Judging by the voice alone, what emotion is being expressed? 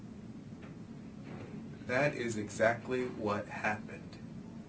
neutral